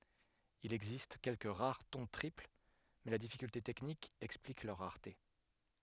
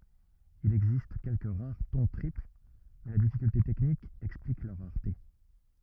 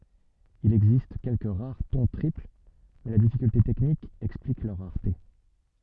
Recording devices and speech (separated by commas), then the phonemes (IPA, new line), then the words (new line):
headset microphone, rigid in-ear microphone, soft in-ear microphone, read sentence
il ɛɡzist kɛlkə ʁaʁ tɔ̃ tʁipl mɛ la difikylte tɛknik ɛksplik lœʁ ʁaʁte
Il existe quelques rares ton triple, mais la difficulté technique explique leur rareté.